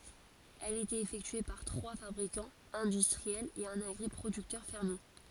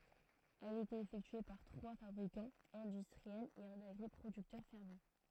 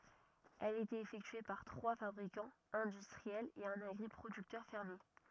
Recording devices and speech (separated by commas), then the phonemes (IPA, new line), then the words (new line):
forehead accelerometer, throat microphone, rigid in-ear microphone, read sentence
ɛl etɛt efɛktye paʁ tʁwa fabʁikɑ̃z ɛ̃dystʁiɛlz e œ̃n aɡʁipʁodyktœʁ fɛʁmje
Elle était effectuée par trois fabricants industriels et un agri-producteur fermier.